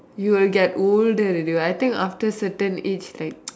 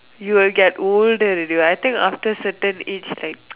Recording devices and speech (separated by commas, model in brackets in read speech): standing microphone, telephone, conversation in separate rooms